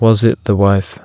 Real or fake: real